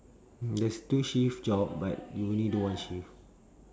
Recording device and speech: standing microphone, conversation in separate rooms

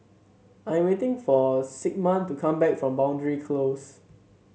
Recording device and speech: mobile phone (Samsung C7), read sentence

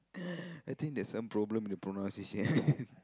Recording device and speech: close-talking microphone, conversation in the same room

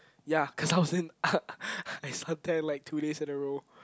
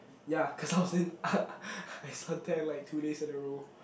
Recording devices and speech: close-talking microphone, boundary microphone, conversation in the same room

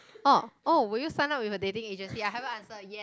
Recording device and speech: close-talking microphone, conversation in the same room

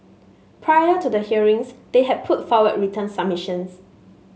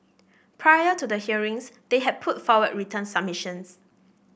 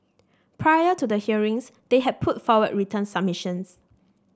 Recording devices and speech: mobile phone (Samsung S8), boundary microphone (BM630), standing microphone (AKG C214), read sentence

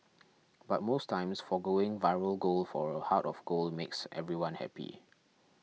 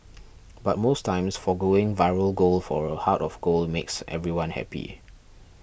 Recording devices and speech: mobile phone (iPhone 6), boundary microphone (BM630), read sentence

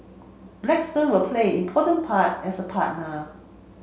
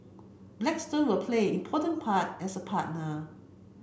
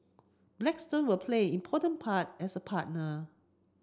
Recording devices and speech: mobile phone (Samsung C7), boundary microphone (BM630), close-talking microphone (WH30), read sentence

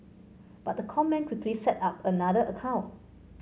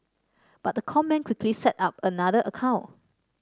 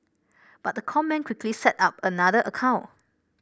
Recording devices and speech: mobile phone (Samsung C5), standing microphone (AKG C214), boundary microphone (BM630), read sentence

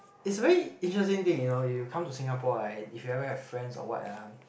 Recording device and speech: boundary microphone, conversation in the same room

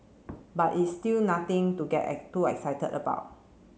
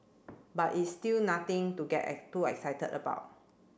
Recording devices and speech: mobile phone (Samsung C7), boundary microphone (BM630), read sentence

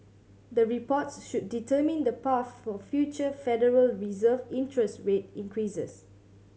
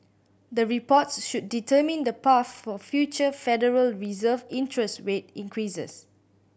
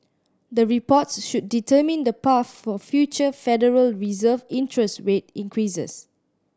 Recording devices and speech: mobile phone (Samsung C7100), boundary microphone (BM630), standing microphone (AKG C214), read sentence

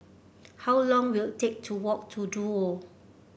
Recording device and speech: boundary microphone (BM630), read sentence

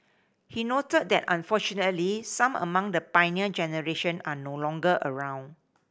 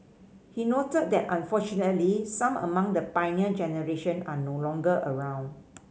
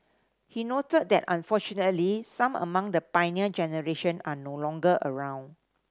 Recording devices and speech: boundary microphone (BM630), mobile phone (Samsung C5010), standing microphone (AKG C214), read sentence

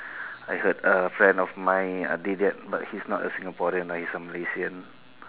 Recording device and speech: telephone, conversation in separate rooms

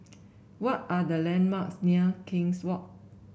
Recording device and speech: boundary microphone (BM630), read sentence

